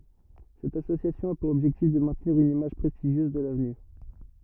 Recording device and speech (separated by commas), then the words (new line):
rigid in-ear microphone, read sentence
Cette association a pour objectif de maintenir une image prestigieuse de l'avenue.